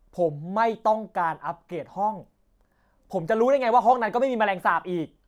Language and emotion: Thai, angry